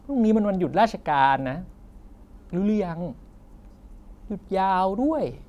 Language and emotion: Thai, frustrated